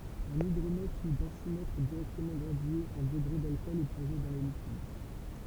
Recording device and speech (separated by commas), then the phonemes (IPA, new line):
temple vibration pickup, read sentence
œ̃n idʁomɛtʁ u dɑ̃simɛtʁ diʁɛktəmɑ̃ ɡʁadye ɑ̃ dəɡʁe dalkɔl ɛ plɔ̃ʒe dɑ̃ lə likid